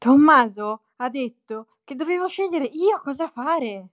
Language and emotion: Italian, surprised